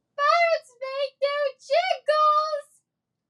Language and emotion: English, fearful